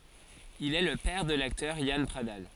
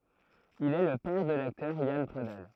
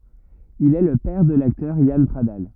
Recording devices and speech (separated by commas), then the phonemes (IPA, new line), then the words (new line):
forehead accelerometer, throat microphone, rigid in-ear microphone, read sentence
il ɛ lə pɛʁ də laktœʁ jan pʁadal
Il est le père de l'acteur Yann Pradal.